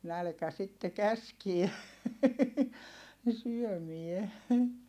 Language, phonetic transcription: Finnish, nälkä sitte käskie , ne syömie .
- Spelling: nälkä sitten käski ne syömään

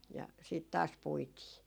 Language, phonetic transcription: Finnish, ja 'siit 'taas 'puitii .
- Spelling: ja sitten taas puitiin

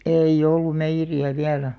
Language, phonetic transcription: Finnish, èi'ʲ ‿ollum 'meijjeri₍ä 'viälä .
- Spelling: ei ollut meijeriä vielä

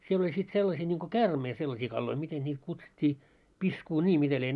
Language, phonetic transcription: Finnish, siel ‿oĺ sit 'sellasii ńiŋko "käärmei 'sellasii kalloi , miten ńiit 'kutsut́t́ii , 'piskuu'ńii mitä lie .
- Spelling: siellä oli sitten sellaisia niin kuin käärmeitä sellaisia kaloja miten niitä kutsuttiin piskunia mitä lie

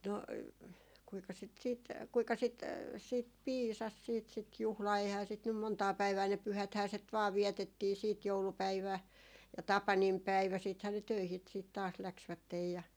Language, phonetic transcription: Finnish, no , kuika sit 'siit , kuika sit , 'siit "piisas 'siit sit 'juhlaa eihää sit nym "montaa 'päivää ne 'pyhäthää set vaa "viɛtettii siit 'joulupäivä̀ , ja "tapanimpäivä siithää ne 'töihi , siit taas 'läksvättej ja ,.
- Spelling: no kuinka sitä sitten kuinka sitä sitten piisasi sitten sitä juhlaa eihän sitä nyt montaa päivää ne pyhäthän sitä vain vietettiin sitten joulupäivä ja tapaninpäivä sittenhän ne töihin sitten taas lähtivät ja

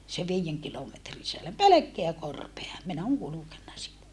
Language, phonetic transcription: Finnish, se viijeŋ kilometri (sisällä) pelekkeä korpea min ‿oŋ kulukenna siitä .
- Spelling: se viiden kilometrin sisällä pelkkää korpea minä olen kulkenut siitä

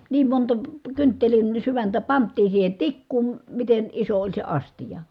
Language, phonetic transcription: Finnish, niim monta , kynttelin , syväntä pant̆tii siihe tikkuun , miten , iso oĺ se astija .
- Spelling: niin monta kynttilän sydäntä pantiin siihen tikkuun miten iso oli se astia

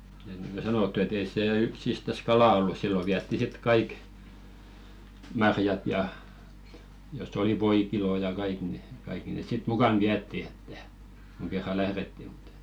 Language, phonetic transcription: Finnish, et niŋɢo 'sa-nottu ‿et ‿ei 'see 'yksistäs "kalà ollu 'sillo viätti sit "kaik , 'marjat ja , jos̆s ‿oli "voikilò ja 'kaik ni , 'kaikki nes sit "mukan 'viätti ᴇttᴀ̈ , kuŋ 'kerra "lähretti ᴍᴜt ‿ᴇttᴀ̈ .
- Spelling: että niin kuin sanottu että ei se yksistään kalaa ollut silloin vietiin sitten kaikki marjat ja jos oli voikilo ja kaikki niin kaikki ne sitten mukana vietiin että kun kerran lähdettiin mutta että

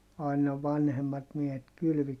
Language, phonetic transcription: Finnish, àina vanhemmat miehet kylvi .
- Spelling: aina vanhemmat miehet kylvi

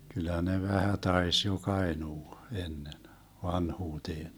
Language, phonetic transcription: Finnish, 'kyl̆lä ne 'vähä 'tais jo'k ‿aenuu , 'ennen , 'vanhuuteen .
- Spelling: kyllä ne vähän taisi joka ainoa ennen vanhuuteen

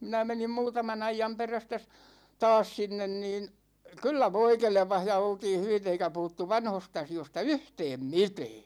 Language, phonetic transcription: Finnish, 'minä 'menim 'muutama'n ‿aijam perästä s- , "taas 'sinnen niin , "kyllä 'voi 'kelᵉpah ja 'oltiin̬ hyvit ‿eikä 'puhuttu 'vanhos't ‿asi₍osta "yhtɛɛm "mitɛɛ .
- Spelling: minä menin muutaman ajan perästä - taas sinne niin kyllä voi kelpasi ja oltiin hyvitty eikä puhuttu vanhoista asioista yhtään mitään

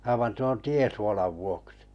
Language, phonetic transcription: Finnish, aivan 'tuon "tiesuolav 'vuoksɪ .
- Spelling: aivan tuon tiesuolan vuoksi

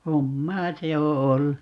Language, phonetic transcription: Finnish, "hommaa "se o 'ollu .
- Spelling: hommaa se on ollut

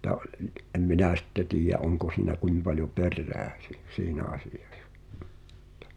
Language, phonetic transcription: Finnish, [?mut]t̀a ’(o)ĺ , ’em "minä̀ sɪtte "tiij̆jä '’oŋko siinä 'kuim paljo "perrä̳ä̳ si- 'siinä asɪᴊᴀs[sa m]ᵁttᴀ .
- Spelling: mutta oli en minä sitten tiedä onko siinä kuinka paljon perää - siinä asiassa mutta

